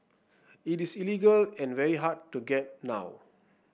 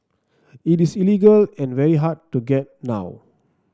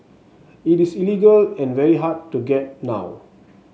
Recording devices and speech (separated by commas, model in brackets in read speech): boundary microphone (BM630), standing microphone (AKG C214), mobile phone (Samsung S8), read sentence